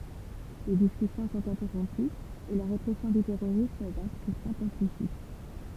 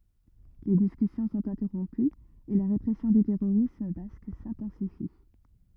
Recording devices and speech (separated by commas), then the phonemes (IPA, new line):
temple vibration pickup, rigid in-ear microphone, read sentence
le diskysjɔ̃ sɔ̃t ɛ̃tɛʁɔ̃pyz e la ʁepʁɛsjɔ̃ dy tɛʁoʁism bask sɛ̃tɑ̃sifi